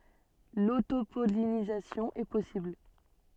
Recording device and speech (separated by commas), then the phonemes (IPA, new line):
soft in-ear microphone, read sentence
lotopɔlinizasjɔ̃ ɛ pɔsibl